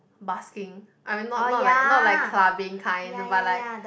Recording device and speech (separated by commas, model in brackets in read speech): boundary microphone, conversation in the same room